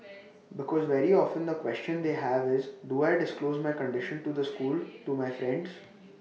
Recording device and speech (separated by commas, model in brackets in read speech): mobile phone (iPhone 6), read sentence